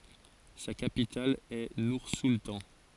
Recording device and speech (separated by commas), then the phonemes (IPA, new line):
forehead accelerometer, read sentence
sa kapital ɛ nuʁsultɑ̃